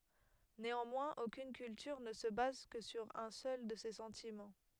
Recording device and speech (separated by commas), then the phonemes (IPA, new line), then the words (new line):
headset microphone, read sentence
neɑ̃mwɛ̃z okyn kyltyʁ nə sə baz kə syʁ œ̃ sœl də se sɑ̃timɑ̃
Néanmoins aucune culture ne se base que sur un seul de ces sentiments.